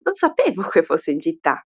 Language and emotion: Italian, surprised